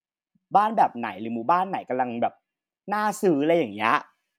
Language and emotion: Thai, happy